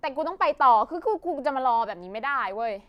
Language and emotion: Thai, frustrated